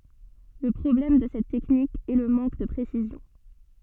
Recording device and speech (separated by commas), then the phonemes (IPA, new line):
soft in-ear microphone, read sentence
lə pʁɔblɛm də sɛt tɛknik ɛ lə mɑ̃k də pʁesizjɔ̃